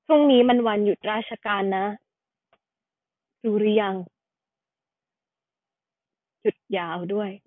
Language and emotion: Thai, neutral